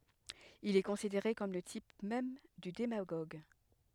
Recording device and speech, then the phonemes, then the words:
headset microphone, read sentence
il ɛ kɔ̃sideʁe kɔm lə tip mɛm dy demaɡoɡ
Il est considéré comme le type même du démagogue.

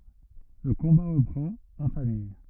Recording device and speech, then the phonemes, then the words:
rigid in-ear microphone, read sentence
lə kɔ̃ba ʁəpʁɑ̃t ɑ̃ famij
Le combat reprend, en famille.

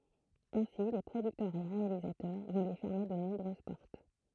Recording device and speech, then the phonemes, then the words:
throat microphone, read sentence
ɛ̃si le pʁodyktœʁz e ʁealizatœʁ vɔ̃ lyi fɛʁme də nɔ̃bʁøz pɔʁt
Ainsi, les producteurs et réalisateurs vont lui fermer de nombreuses portes.

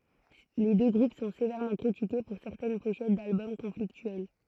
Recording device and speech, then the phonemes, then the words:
throat microphone, read sentence
le dø ɡʁup sɔ̃ sevɛʁmɑ̃ kʁitike puʁ sɛʁtɛn poʃɛt dalbɔm kɔ̃fliktyɛl
Les deux groupes sont sévèrement critiqués pour certaines pochettes d'albums conflictuelles.

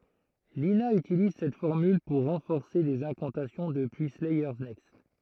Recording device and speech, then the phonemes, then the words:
throat microphone, read sentence
lina ytiliz sɛt fɔʁmyl puʁ ʁɑ̃fɔʁse dez ɛ̃kɑ̃tasjɔ̃ dəpyi slɛjœʁ nɛkst
Lina utilise cette formule pour renforcer des incantations depuis Slayers Next.

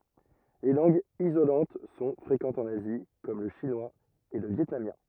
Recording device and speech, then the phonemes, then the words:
rigid in-ear microphone, read sentence
le lɑ̃ɡz izolɑ̃t sɔ̃ fʁekɑ̃tz ɑ̃n azi kɔm lə ʃinwaz e lə vjɛtnamjɛ̃
Les langues isolantes sont fréquentes en Asie comme le chinois et le vietnamien.

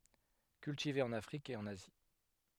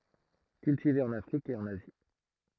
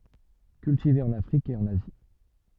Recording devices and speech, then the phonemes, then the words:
headset microphone, throat microphone, soft in-ear microphone, read sentence
kyltive ɑ̃n afʁik e ɑ̃n azi
Cultivé en Afrique et en Asie.

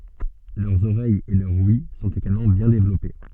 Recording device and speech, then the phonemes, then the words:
soft in-ear microphone, read sentence
lœʁz oʁɛjz e lœʁ wj sɔ̃t eɡalmɑ̃ bjɛ̃ devlɔpe
Leurs oreilles et leur ouïe sont également bien développées.

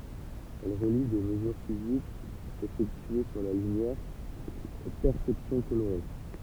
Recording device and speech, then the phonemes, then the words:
temple vibration pickup, read sentence
ɛl ʁəli de məzyʁ fizikz efɛktye syʁ la lymjɛʁ o pɛʁsɛpsjɔ̃ koloʁe
Elle relie des mesures physiques effectuées sur la lumière aux perceptions colorées.

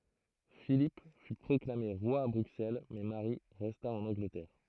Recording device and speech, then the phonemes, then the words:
throat microphone, read sentence
filip fy pʁɔklame ʁwa a bʁyksɛl mɛ maʁi ʁɛsta ɑ̃n ɑ̃ɡlətɛʁ
Philippe fut proclamé roi à Bruxelles mais Marie resta en Angleterre.

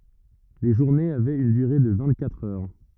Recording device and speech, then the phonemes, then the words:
rigid in-ear microphone, read sentence
le ʒuʁnez avɛt yn dyʁe də vɛ̃t katʁ œʁ
Les journées avaient une durée de vingt-quatre heures.

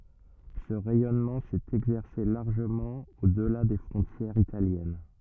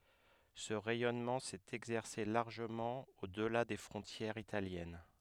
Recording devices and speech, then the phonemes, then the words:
rigid in-ear microphone, headset microphone, read sentence
sə ʁɛjɔnmɑ̃ sɛt ɛɡzɛʁse laʁʒəmɑ̃ odla de fʁɔ̃tjɛʁz italjɛn
Ce rayonnement s'est exercé largement au-delà des frontières italiennes.

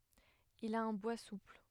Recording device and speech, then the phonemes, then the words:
headset microphone, read sentence
il a œ̃ bwa supl
Il a un bois souple.

